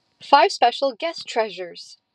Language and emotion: English, happy